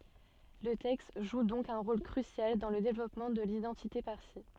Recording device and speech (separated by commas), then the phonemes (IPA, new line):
soft in-ear microphone, read sentence
lə tɛkst ʒu dɔ̃k œ̃ ʁol kʁysjal dɑ̃ lə devlɔpmɑ̃ də lidɑ̃tite paʁsi